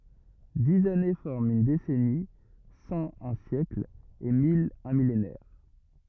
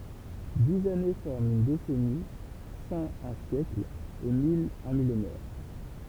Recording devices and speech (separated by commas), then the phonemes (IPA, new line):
rigid in-ear microphone, temple vibration pickup, read sentence
diz ane fɔʁmt yn desɛni sɑ̃ œ̃ sjɛkl e mil œ̃ milenɛʁ